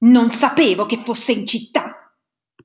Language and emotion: Italian, angry